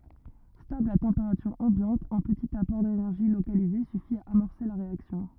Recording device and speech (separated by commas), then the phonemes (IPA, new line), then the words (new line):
rigid in-ear microphone, read sentence
stabl a tɑ̃peʁatyʁ ɑ̃bjɑ̃t œ̃ pətit apɔʁ denɛʁʒi lokalize syfi a amɔʁse la ʁeaksjɔ̃
Stable à température ambiante, un petit apport d'énergie localisé suffit à amorcer la réaction.